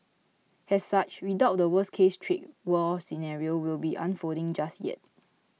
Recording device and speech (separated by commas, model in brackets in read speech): mobile phone (iPhone 6), read sentence